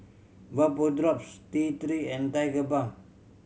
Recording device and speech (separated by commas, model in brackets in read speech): mobile phone (Samsung C7100), read sentence